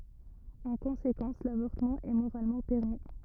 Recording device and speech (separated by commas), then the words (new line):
rigid in-ear microphone, read sentence
En conséquence, l'avortement est moralement permis.